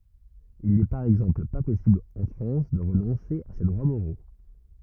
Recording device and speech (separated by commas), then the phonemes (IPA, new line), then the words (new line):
rigid in-ear microphone, read sentence
il nɛ paʁ ɛɡzɑ̃pl pa pɔsibl ɑ̃ fʁɑ̃s də ʁənɔ̃se a se dʁwa moʁo
Il n'est par exemple pas possible en France de renoncer à ses droits moraux.